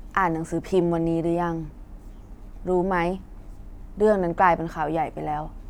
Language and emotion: Thai, neutral